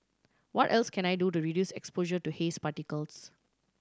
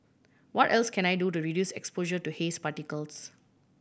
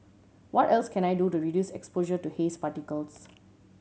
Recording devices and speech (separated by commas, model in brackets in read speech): standing microphone (AKG C214), boundary microphone (BM630), mobile phone (Samsung C7100), read sentence